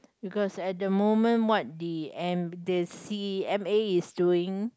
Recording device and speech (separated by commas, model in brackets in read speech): close-talking microphone, conversation in the same room